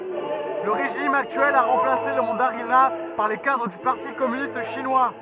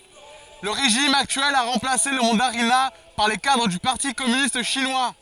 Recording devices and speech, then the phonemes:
rigid in-ear microphone, forehead accelerometer, read sentence
lə ʁeʒim aktyɛl a ʁɑ̃plase lə mɑ̃daʁina paʁ le kadʁ dy paʁti kɔmynist ʃinwa

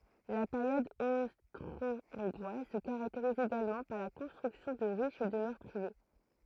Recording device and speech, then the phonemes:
throat microphone, read sentence
la peʁjɔd ostʁoɔ̃ɡʁwaz sə kaʁakteʁiz eɡalmɑ̃ paʁ la kɔ̃stʁyksjɔ̃ də ʁiʃ dəmœʁ pʁive

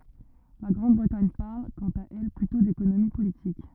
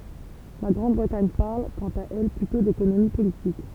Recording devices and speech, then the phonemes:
rigid in-ear microphone, temple vibration pickup, read sentence
la ɡʁɑ̃dbʁətaɲ paʁl kɑ̃t a ɛl plytɔ̃ dekonomi politik

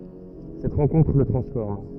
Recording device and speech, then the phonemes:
rigid in-ear microphone, read sentence
sɛt ʁɑ̃kɔ̃tʁ lə tʁɑ̃sfɔʁm

